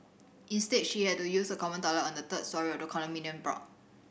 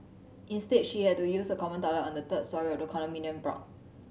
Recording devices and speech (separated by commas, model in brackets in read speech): boundary microphone (BM630), mobile phone (Samsung C7100), read sentence